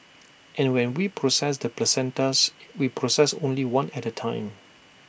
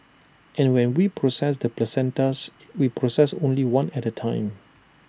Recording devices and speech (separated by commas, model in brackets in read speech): boundary microphone (BM630), standing microphone (AKG C214), read sentence